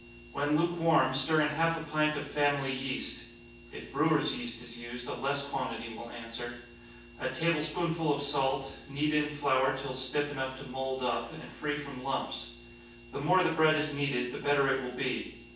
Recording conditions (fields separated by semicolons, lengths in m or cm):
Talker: one person; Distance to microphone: 9.8 m; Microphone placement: far; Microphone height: 1.8 m; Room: large; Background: none